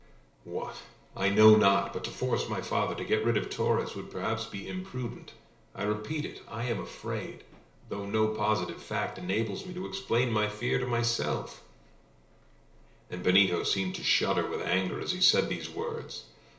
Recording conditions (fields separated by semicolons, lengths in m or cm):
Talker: one person; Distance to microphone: 1.0 m; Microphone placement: close; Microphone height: 1.1 m; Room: small (3.7 m by 2.7 m); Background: none